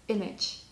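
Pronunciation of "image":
'Image' is pronounced correctly here.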